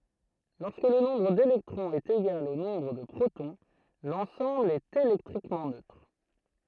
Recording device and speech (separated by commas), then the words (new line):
throat microphone, read sentence
Lorsque le nombre d'électrons est égal au nombre de protons, l'ensemble est électriquement neutre.